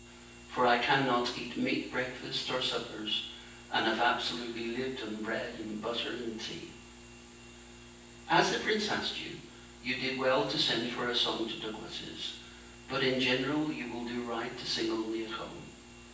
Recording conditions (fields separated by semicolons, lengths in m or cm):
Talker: one person; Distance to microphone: 9.8 m; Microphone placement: far; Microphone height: 1.8 m; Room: large; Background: none